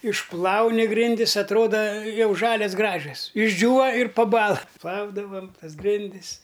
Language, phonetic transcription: Lithuanian, išˈplauni ˈgrindis atˈroda ˈjau ˈžalias ˈgražias išˈdžiūva ir paˈbąla ˈplaudavam ˈtas ˈgrindis

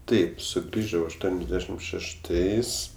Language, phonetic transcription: Lithuanian, ˈtaip suˈgrįžau ašˈtuoniasˌdešim šešˈtais

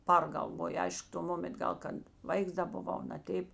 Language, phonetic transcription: Lithuanian, ˈpargalvoju ˈaišk to ˈmoment ˈgal kad ˈvaiks ˈda buˈvau naˈteip

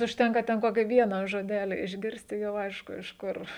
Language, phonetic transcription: Lithuanian, užˈtenka ten ˈkoki ˈviena žoˈdeli išˈgirst' i ˈjau ˈaišku iš ˈkur

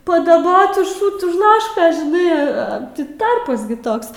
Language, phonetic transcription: Lithuanian, padaˈbot už ˈšut už ˈlaškos žiˈnai ˈa ti ˈtarpas gi ˈtoks

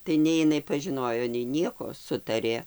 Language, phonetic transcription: Lithuanian, tai ˈnei iˈnai pažiˈnojo nei ˈnieko ˈsutarė

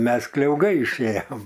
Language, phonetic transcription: Lithuanian, ˈmes kliauˈgai išˈėjam

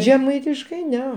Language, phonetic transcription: Lithuanian, žeˈmaitiškai ˈne

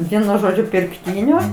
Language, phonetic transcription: Lithuanian, ˈvienu ˈžodžiu pirkˈtynio

